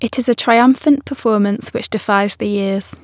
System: none